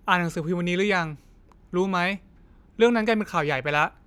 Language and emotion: Thai, frustrated